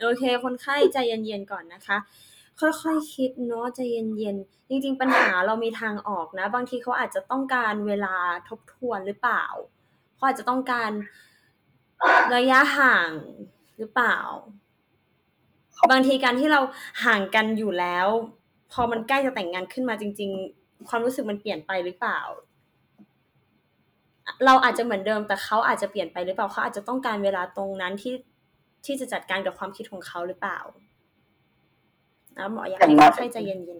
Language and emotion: Thai, neutral